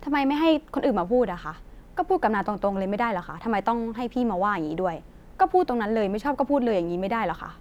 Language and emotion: Thai, angry